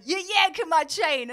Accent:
american accent